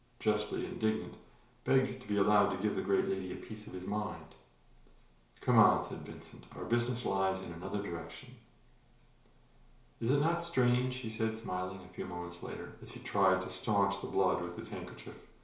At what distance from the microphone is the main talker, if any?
1.0 m.